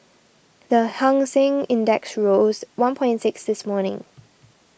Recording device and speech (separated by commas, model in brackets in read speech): boundary microphone (BM630), read sentence